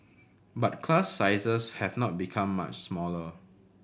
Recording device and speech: boundary microphone (BM630), read sentence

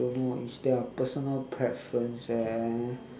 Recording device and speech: standing microphone, conversation in separate rooms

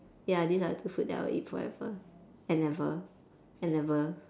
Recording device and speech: standing microphone, conversation in separate rooms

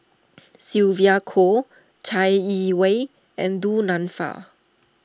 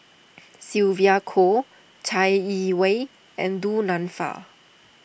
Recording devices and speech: standing microphone (AKG C214), boundary microphone (BM630), read sentence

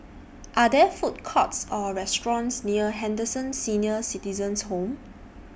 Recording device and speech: boundary microphone (BM630), read sentence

